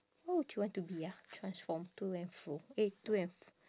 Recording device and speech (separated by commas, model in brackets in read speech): standing microphone, conversation in separate rooms